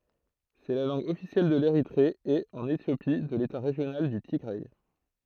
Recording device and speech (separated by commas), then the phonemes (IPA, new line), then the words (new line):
throat microphone, read sentence
sɛ la lɑ̃ɡ ɔfisjɛl də leʁitʁe e ɑ̃n etjopi də leta ʁeʒjonal dy tiɡʁɛ
C'est la langue officielle de l'Érythrée et, en Éthiopie, de l'État régional du Tigray.